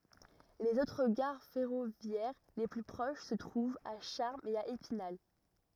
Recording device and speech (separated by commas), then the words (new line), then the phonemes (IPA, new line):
rigid in-ear microphone, read sentence
Les autres gares ferroviaires les plus proches se trouvent à Charmes et à Épinal.
lez otʁ ɡaʁ fɛʁovjɛʁ le ply pʁoʃ sə tʁuvt a ʃaʁmz e a epinal